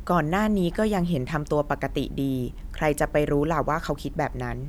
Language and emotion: Thai, neutral